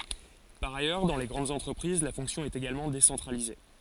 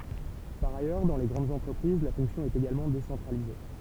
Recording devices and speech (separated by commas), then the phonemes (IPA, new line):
forehead accelerometer, temple vibration pickup, read sentence
paʁ ajœʁ dɑ̃ le ɡʁɑ̃dz ɑ̃tʁəpʁiz la fɔ̃ksjɔ̃ ɛt eɡalmɑ̃ desɑ̃tʁalize